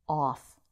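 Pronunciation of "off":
'Off' is said with an American accent.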